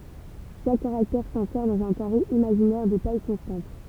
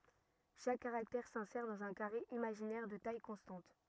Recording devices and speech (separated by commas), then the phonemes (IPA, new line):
temple vibration pickup, rigid in-ear microphone, read sentence
ʃak kaʁaktɛʁ sɛ̃sɛʁ dɑ̃z œ̃ kaʁe imaʒinɛʁ də taj kɔ̃stɑ̃t